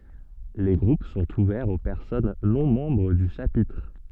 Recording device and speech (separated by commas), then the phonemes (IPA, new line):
soft in-ear microphone, read sentence
le ɡʁup sɔ̃t uvɛʁz o pɛʁsɔn nɔ̃ mɑ̃bʁ dy ʃapitʁ